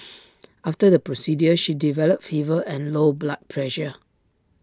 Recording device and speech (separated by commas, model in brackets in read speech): standing microphone (AKG C214), read sentence